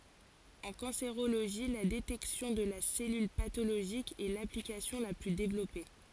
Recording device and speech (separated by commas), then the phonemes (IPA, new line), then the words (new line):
forehead accelerometer, read sentence
ɑ̃ kɑ̃seʁoloʒi la detɛksjɔ̃ də la sɛlyl patoloʒik ɛ laplikasjɔ̃ la ply devlɔpe
En cancérologie, la détection de la cellule pathologique est l’application la plus développée.